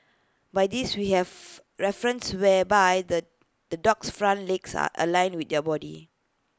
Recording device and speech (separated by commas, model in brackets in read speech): close-talking microphone (WH20), read sentence